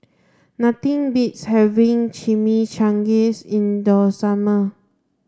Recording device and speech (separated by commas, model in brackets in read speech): standing microphone (AKG C214), read sentence